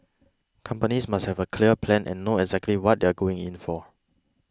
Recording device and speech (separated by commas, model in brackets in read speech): close-talking microphone (WH20), read sentence